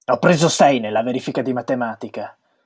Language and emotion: Italian, angry